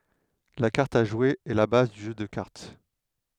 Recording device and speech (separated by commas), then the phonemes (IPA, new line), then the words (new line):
headset microphone, read sentence
la kaʁt a ʒwe ɛ la baz dy ʒø də kaʁt
La carte à jouer est la base du jeu de cartes.